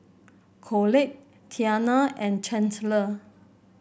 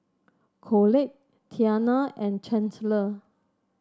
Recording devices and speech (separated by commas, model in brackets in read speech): boundary microphone (BM630), standing microphone (AKG C214), read sentence